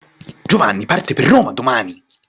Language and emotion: Italian, angry